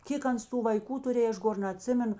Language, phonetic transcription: Lithuanian, ˈkėk ˈans ˈtų vaiˈkų tuˈrėj ˈaš ˈgor naˈtsimenu

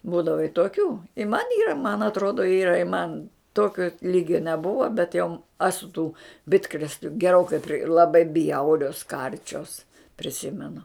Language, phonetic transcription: Lithuanian, ˈbūdava i toˈkių i man ˈyra man atˈrodo ˈyra i man ˈtokio ˈlygio neˈbuvo bet jau ˈasu tų ˈbitkrėsliu geˈrokai pri laˈbai ˈbjaurios ˈkarčios priˈsimenu

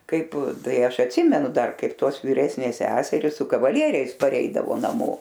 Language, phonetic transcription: Lithuanian, ˈkaip ˈtai ˈaš atˈsimenu ˈdar ˈkaip ˈtos vyˈresnės ˈseseris su kavaˈlieriais paˈreidavo naˈmo

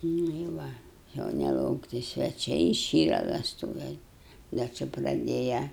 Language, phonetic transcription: Lithuanian, nu i ˈva jau nelaukˈti sveˈčiai iˈšyra vesˈtūve ˈda ˈči praˈdėja

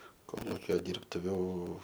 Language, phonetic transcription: Lithuanian, ˈkolukio ˈdyrbtuviu

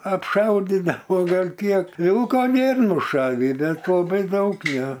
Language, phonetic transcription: Lithuanian, apˈšaudidavo ˈgal ˈkiek ˈvilko ˈnėr nuˈšavį ˈbet laˈbai ˈdaug ˈjie

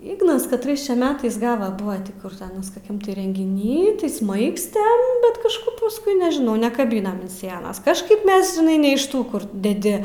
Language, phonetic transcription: Lithuanian, ˈygnas katˈrais čia ˈmetais ˈgava ˈbuva ti ˈkur ti ˈanas koˈkiam ti rengiˈny tai ˈsmaigstem bet kažˈkup pusˈkui nežiˈnau nekaˈbynam an sienas kažˈkaip ˈmes žiˈnai ne iš ˈtų ˈkur deˈdi

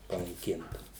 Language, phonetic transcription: Lithuanian, panaiˈkinta

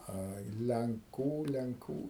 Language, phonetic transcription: Lithuanian, ˈai lenˈkų lenˈkų

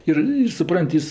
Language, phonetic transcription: Lithuanian, ˈir ir suˈpran't' ˈjis

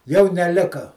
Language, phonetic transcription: Lithuanian, jau neˈlika

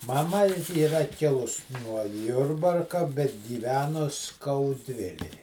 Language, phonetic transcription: Lithuanian, maˈma yˈra ˈkilus nuo ˈjurbarka bet gyˈvenus skauˈdvilej

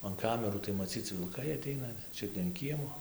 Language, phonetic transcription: Lithuanian, an ˈkamerų tai maˈcyc vilˈkai aˈteina ˈčiut ne an ˈkiemo

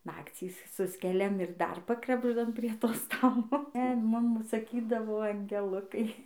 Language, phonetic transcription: Lithuanian, ˈnakcys ˈsuskeliam ir dar ˈpakrabždam prie ˈto ˈstalo e ˈmum saˈkydavo angeˈlukai

